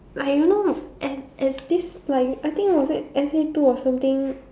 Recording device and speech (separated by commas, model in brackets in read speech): standing microphone, conversation in separate rooms